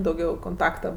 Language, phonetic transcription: Lithuanian, dauˈgiau konˈtakta

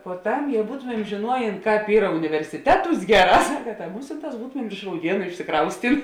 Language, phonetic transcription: Lithuanian, poˈtam ˈjau ˈbūtomem žėˈnuojėn ˈkāp ˈyra universiˈteˌtūs ˈgeˌrā ˈsaka ta ˈmusinˌtās ˈbūtomem ir iš rauˈdienu išsiˈkraustin

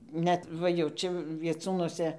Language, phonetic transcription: Lithuanian, ˈnet ˈva jau ˈčia vieˈcūnuose

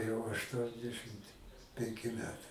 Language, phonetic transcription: Lithuanian, jau ašˈtuondešɨmt penˈki ˈmetai

